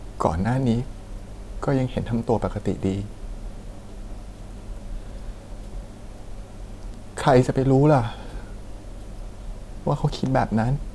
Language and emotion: Thai, sad